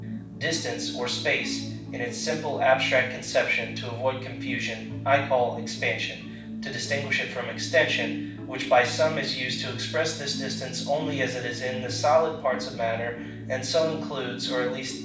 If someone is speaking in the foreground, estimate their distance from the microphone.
5.8 m.